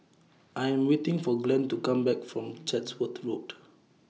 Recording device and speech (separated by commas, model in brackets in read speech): mobile phone (iPhone 6), read sentence